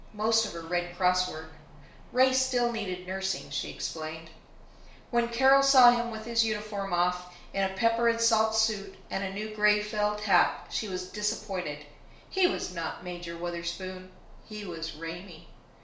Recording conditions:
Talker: one person; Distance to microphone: 1.0 m; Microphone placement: close; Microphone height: 1.1 m; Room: small (3.7 m by 2.7 m); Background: none

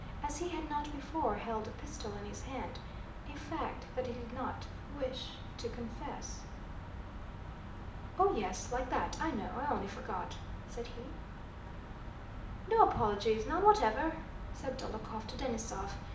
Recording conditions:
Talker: one person; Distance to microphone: 2.0 m; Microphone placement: close; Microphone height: 99 cm; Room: medium-sized (5.7 m by 4.0 m); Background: none

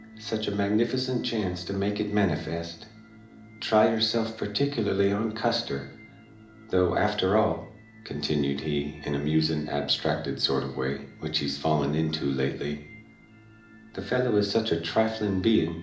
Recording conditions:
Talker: one person; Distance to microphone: 2.0 m; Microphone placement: close; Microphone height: 99 cm; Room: medium-sized (5.7 m by 4.0 m); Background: music

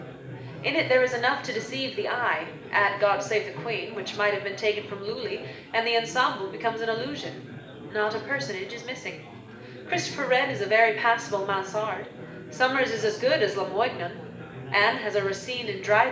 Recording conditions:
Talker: one person; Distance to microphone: 1.8 m; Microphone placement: close; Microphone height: 1.0 m; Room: large; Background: babble

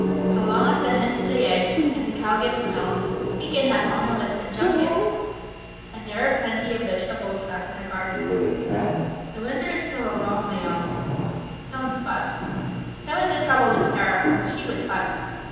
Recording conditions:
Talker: one person; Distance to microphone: 7.1 m; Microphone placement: far; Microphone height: 1.7 m; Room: very reverberant, large; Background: television

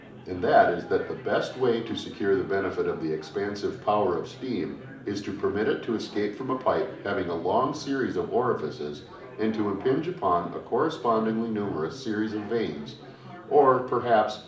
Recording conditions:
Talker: one person; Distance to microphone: 2.0 m; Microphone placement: close; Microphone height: 99 cm; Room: medium-sized (5.7 m by 4.0 m); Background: babble

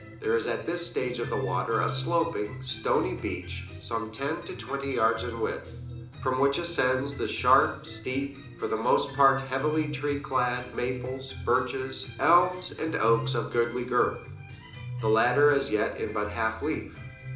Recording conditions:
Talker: one person; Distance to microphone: 2.0 m; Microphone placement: close; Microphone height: 99 cm; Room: medium-sized (5.7 m by 4.0 m); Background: music

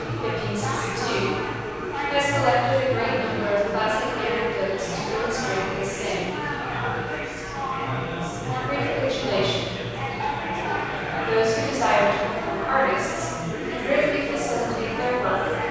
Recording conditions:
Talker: one person; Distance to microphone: 7.1 m; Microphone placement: far; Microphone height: 1.7 m; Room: very reverberant, large; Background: babble

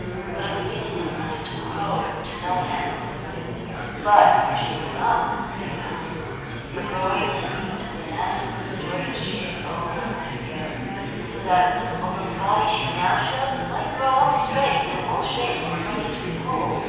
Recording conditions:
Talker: one person; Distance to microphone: 7.1 m; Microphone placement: far; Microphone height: 1.7 m; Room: very reverberant, large; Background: babble

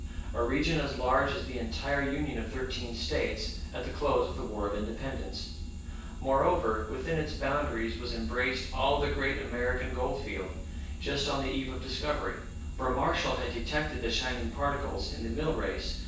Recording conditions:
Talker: one person; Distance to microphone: 9.8 m; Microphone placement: far; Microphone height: 1.8 m; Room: large; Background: none

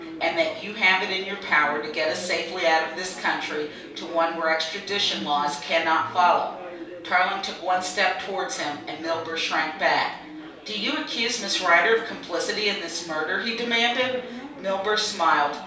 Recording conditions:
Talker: one person; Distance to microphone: 3.0 m; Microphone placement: far; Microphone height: 1.8 m; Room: small (3.7 m by 2.7 m); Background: babble

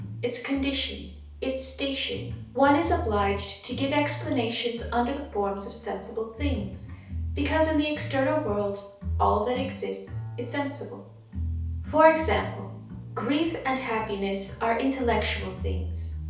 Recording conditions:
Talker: one person; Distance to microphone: 3.0 m; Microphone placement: far; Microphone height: 1.8 m; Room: small (3.7 m by 2.7 m); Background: music

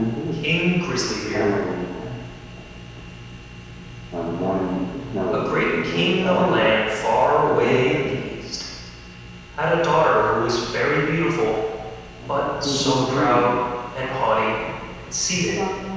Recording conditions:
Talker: one person; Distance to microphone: 7.1 m; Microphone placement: far; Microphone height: 1.7 m; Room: very reverberant, large; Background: television

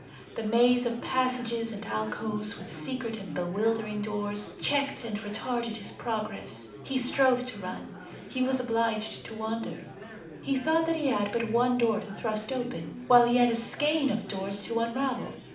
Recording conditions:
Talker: one person; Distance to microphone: 2.0 m; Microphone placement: close; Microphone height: 99 cm; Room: medium-sized (5.7 m by 4.0 m); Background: babble

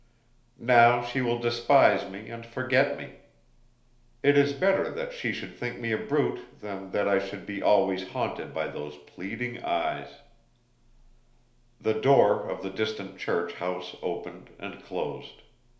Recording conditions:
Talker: one person; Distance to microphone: 1.0 m; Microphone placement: close; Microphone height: 1.1 m; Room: small (3.7 m by 2.7 m); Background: none

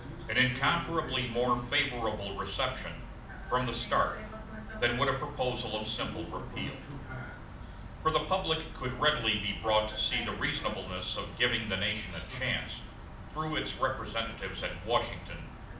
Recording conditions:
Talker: one person; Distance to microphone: 2.0 m; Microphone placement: close; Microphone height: 99 cm; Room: medium-sized (5.7 m by 4.0 m); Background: television

